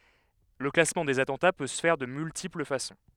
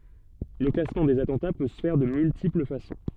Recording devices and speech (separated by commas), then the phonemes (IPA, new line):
headset microphone, soft in-ear microphone, read sentence
lə klasmɑ̃ dez atɑ̃ta pø sə fɛʁ də myltipl fasɔ̃